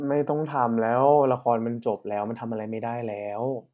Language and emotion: Thai, frustrated